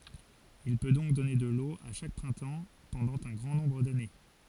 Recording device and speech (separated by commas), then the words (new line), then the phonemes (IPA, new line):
forehead accelerometer, read sentence
Il peut donc donner de l'eau à chaque printemps pendant un grand nombre d'années.
il pø dɔ̃k dɔne də lo a ʃak pʁɛ̃tɑ̃ pɑ̃dɑ̃ œ̃ ɡʁɑ̃ nɔ̃bʁ dane